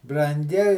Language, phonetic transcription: Lithuanian, branˈgi

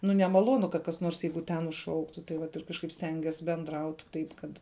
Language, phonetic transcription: Lithuanian, ˈnu nemaˈlonu kad kas ˈnors ˈjeigu ˈten užˈšauktu tai ˈvat ir kažˈkaip ˈstengies benˈdraut ˈtaip kad

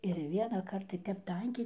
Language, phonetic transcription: Lithuanian, ir vienąˈkart tai ˈtep ˈtankiai

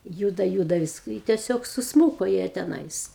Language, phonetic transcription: Lithuanian, ˈjūda ˈjūda vis i tieˈsiog susˈmūko jie teˈnais

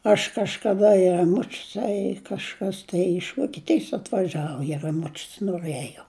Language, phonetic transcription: Lithuanian, aš kažkaˈda i raˈmučius a i kažˈkas tai iš vokieˈtijs atvaˈžiavo i raˈmučius noˈrɘjo

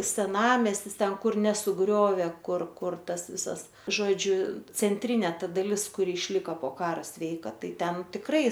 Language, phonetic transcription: Lithuanian, seˈnamestis ˈten ˈkur nesuˈgriovė ˈkur ˈkur ˈtas ˈvisas žoˈdžiu cenˈtrinė ˈta daˈlis kuˈri išˈlika po ˈkara ˈsveika ˈtai ˈten tikˈrai

